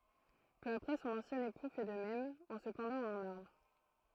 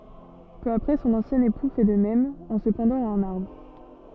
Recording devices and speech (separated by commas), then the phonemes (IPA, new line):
throat microphone, soft in-ear microphone, read sentence
pø apʁɛ sɔ̃n ɑ̃sjɛ̃ epu fɛ də mɛm ɑ̃ sə pɑ̃dɑ̃t a œ̃n aʁbʁ